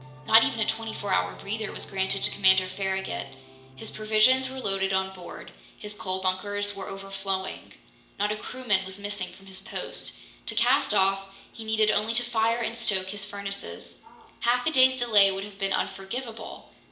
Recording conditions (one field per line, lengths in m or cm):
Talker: one person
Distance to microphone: 1.8 m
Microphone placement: close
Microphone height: 1.0 m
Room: large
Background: television